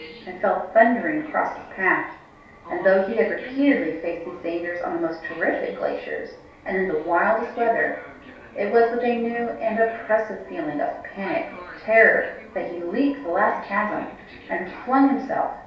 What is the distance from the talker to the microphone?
3.0 m.